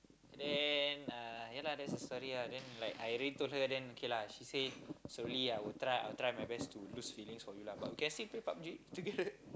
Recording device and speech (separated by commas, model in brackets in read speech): close-talking microphone, conversation in the same room